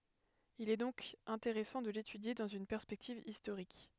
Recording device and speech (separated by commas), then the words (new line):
headset microphone, read sentence
Il est donc intéressant de l’étudier dans une perspective historique.